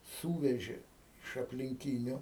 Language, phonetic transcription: Lithuanian, ˈsūvežė iš aplinˈkyniu

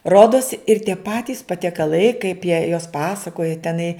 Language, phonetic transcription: Lithuanian, ˈrodos ir tie ˈpatys patiekaˈlai kaip jie jos ˈpasakoja teˈnai

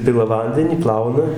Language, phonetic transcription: Lithuanian, ˈpila ˈvandenį ˈplauna

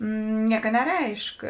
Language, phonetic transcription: Lithuanian, ˈnieka neˈreišk

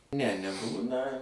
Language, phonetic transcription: Lithuanian, ne neˈbūna

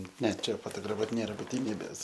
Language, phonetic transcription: Lithuanian, ˈne ˈčia fotograˈfuot ˈnėra butiˈnybės

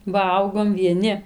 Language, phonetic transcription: Lithuanian, ˈvalgom vieˈni

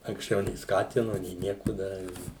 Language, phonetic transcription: Lithuanian, anksˈčiau nė ˈskatinu nė ˈnieku ˈdari

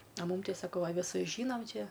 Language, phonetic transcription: Lithuanian, a ˈmūm ˈtei saˈkau a viˈsus ˈžynam ˈčia

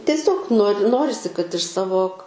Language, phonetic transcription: Lithuanian, tieˈsiog nor' ˈnorisi kad iš ˈsavo

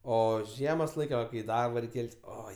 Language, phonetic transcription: Lithuanian, ˈo ˈžiemos ˈlaik' ˈva kai i ˈdarbo ˈreik' ˈkelt's' ˈoi

